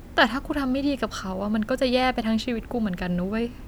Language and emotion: Thai, frustrated